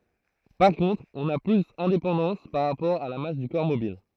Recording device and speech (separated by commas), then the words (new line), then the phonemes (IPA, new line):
throat microphone, read sentence
Par contre, on n'a plus indépendance par rapport à la masse du corps mobile.
paʁ kɔ̃tʁ ɔ̃ na plyz ɛ̃depɑ̃dɑ̃s paʁ ʁapɔʁ a la mas dy kɔʁ mobil